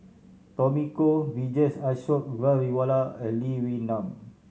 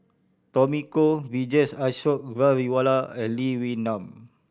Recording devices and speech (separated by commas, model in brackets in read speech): mobile phone (Samsung C7100), boundary microphone (BM630), read sentence